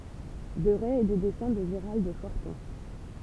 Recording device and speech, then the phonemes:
temple vibration pickup, read sentence
dəʁɛ e de dɛsɛ̃ də ʒəʁald fɔʁtɔ̃

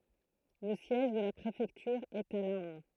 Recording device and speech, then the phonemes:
throat microphone, read sentence
lə sjɛʒ də la pʁefɛktyʁ ɛt a lɑ̃

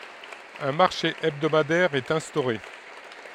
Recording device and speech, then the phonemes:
headset microphone, read sentence
œ̃ maʁʃe ɛbdomadɛʁ ɛt ɛ̃stoʁe

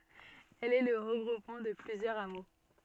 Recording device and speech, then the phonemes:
soft in-ear microphone, read sentence
ɛl ɛ lə ʁəɡʁupmɑ̃ də plyzjœʁz amo

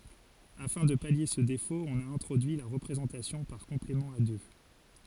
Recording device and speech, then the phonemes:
forehead accelerometer, read sentence
afɛ̃ də palje sə defot ɔ̃n a ɛ̃tʁodyi la ʁəpʁezɑ̃tasjɔ̃ paʁ kɔ̃plemɑ̃ a dø

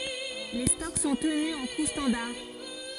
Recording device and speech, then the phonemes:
forehead accelerometer, read sentence
le stɔk sɔ̃ təny ɑ̃ ku stɑ̃daʁ

